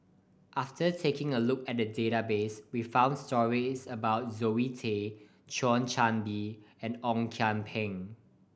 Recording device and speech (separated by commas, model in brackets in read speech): boundary microphone (BM630), read sentence